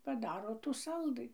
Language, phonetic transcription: Lithuanian, paˈdaro tų ˈsaldɨ

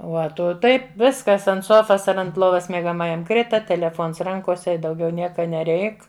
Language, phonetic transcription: Lithuanian, ˈuo ˈtu ˈtaip ˈviskas ant ˈsofas ar ant ˈlovas miegaˈmajam ˈkrita teleˈfons ˈrankose i dauˈgiau ˈnieka neˈreik

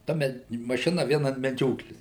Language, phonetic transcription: Lithuanian, ˈta me maˈšina ˈvien an meˈdžioklės

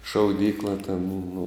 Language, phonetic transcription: Lithuanian, šauˈdykla ten nu

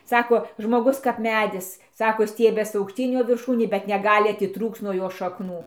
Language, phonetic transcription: Lithuanian, ˈsako žmoˈgus kap ˈmedis ˈsako ˈstiebias aukˈštyn ˈjo virˈšūnė bet neˈgali atiˈtrūkc nuo ˈjo šakˈnų

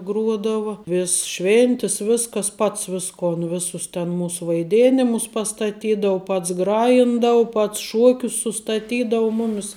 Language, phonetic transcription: Lithuanian, ˈgruodava ˈvis ˈšvėntis ˈviskas ˈpats ˈviskon ˈvisus ten ˈmūs vaiˈdėnimus pastaˈtydau ˈpats ˈgrajindau ˈpats ˈšuokius sustaˈtydau ˈmumis

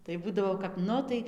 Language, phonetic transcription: Lithuanian, tai ˈbūdavo kap ˈnu tai

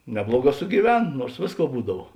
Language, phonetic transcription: Lithuanian, ˈnebluoˌgā sugyˈven ˈnuors ˈvėsˌkuo ˈbūdav

